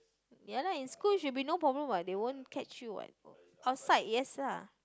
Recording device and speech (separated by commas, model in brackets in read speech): close-talking microphone, conversation in the same room